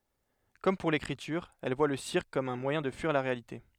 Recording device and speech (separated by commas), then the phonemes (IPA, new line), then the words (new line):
headset microphone, read sentence
kɔm puʁ lekʁityʁ ɛl vwa lə siʁk kɔm œ̃ mwajɛ̃ də fyiʁ la ʁealite
Comme pour l'écriture, elle voit le cirque comme un moyen de fuir la réalité.